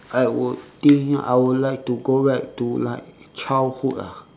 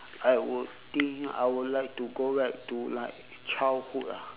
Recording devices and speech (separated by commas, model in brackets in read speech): standing microphone, telephone, conversation in separate rooms